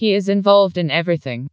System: TTS, vocoder